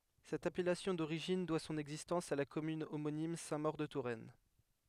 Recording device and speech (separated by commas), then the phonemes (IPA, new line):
headset microphone, read sentence
sɛt apɛlasjɔ̃ doʁiʒin dwa sɔ̃n ɛɡzistɑ̃s a la kɔmyn omonim sɛ̃tmoʁədətuʁɛn